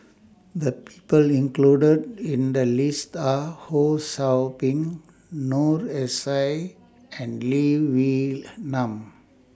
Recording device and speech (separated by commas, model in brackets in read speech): standing microphone (AKG C214), read sentence